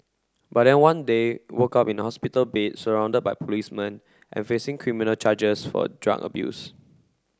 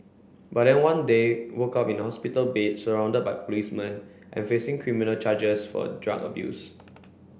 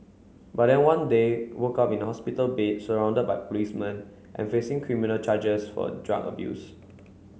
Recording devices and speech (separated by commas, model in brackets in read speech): close-talking microphone (WH30), boundary microphone (BM630), mobile phone (Samsung C9), read sentence